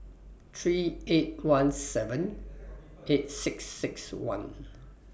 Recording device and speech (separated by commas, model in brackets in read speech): boundary microphone (BM630), read sentence